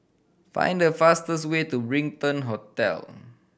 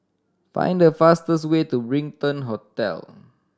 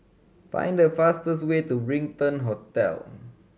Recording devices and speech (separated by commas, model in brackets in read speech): boundary microphone (BM630), standing microphone (AKG C214), mobile phone (Samsung C7100), read sentence